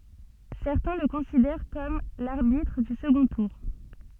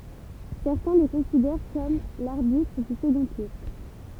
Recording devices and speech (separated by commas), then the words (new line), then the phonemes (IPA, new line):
soft in-ear microphone, temple vibration pickup, read sentence
Certains le considèrent comme l'arbitre du second tour.
sɛʁtɛ̃ lə kɔ̃sidɛʁ kɔm laʁbitʁ dy səɡɔ̃ tuʁ